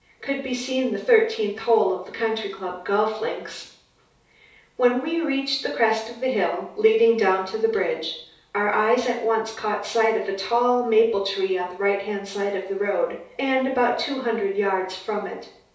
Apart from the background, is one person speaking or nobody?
One person.